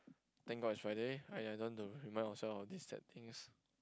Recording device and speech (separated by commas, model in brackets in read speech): close-talking microphone, conversation in the same room